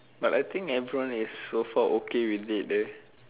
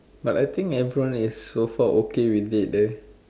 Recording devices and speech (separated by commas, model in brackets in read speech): telephone, standing microphone, conversation in separate rooms